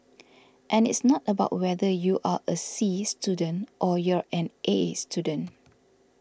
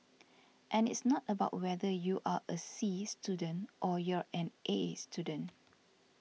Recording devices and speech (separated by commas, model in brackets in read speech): standing microphone (AKG C214), mobile phone (iPhone 6), read sentence